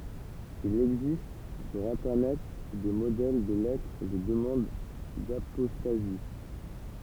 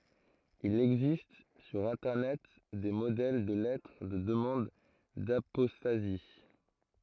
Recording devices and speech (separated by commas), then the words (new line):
temple vibration pickup, throat microphone, read sentence
Il existe sur internet, des modèles de lettres de demande d'apostasie.